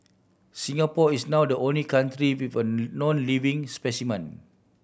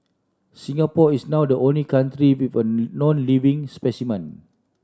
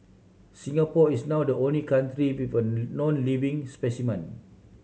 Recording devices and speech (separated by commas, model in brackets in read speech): boundary microphone (BM630), standing microphone (AKG C214), mobile phone (Samsung C7100), read sentence